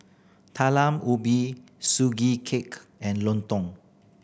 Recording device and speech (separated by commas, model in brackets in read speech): boundary microphone (BM630), read sentence